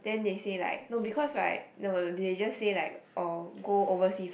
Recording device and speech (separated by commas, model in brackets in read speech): boundary microphone, conversation in the same room